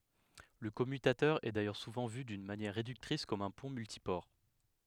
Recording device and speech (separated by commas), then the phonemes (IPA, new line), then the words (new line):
headset microphone, read sentence
lə kɔmytatœʁ ɛ dajœʁ suvɑ̃ vy dyn manjɛʁ ʁedyktʁis kɔm œ̃ pɔ̃ myltipɔʁ
Le commutateur est d'ailleurs souvent vu d'une manière réductrice comme un pont multiport.